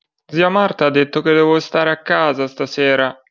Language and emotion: Italian, sad